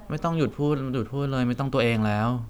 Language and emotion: Thai, frustrated